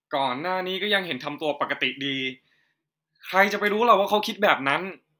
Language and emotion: Thai, frustrated